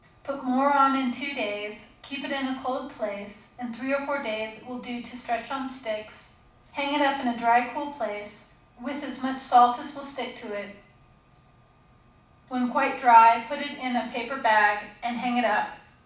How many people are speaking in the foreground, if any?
One person.